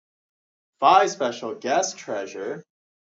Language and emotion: English, happy